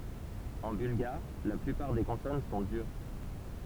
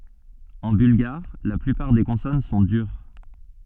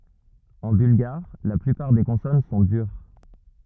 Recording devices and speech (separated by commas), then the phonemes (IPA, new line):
temple vibration pickup, soft in-ear microphone, rigid in-ear microphone, read sentence
ɑ̃ bylɡaʁ la plypaʁ de kɔ̃sɔn sɔ̃ dyʁ